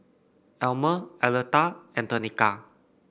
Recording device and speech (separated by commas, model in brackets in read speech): boundary microphone (BM630), read sentence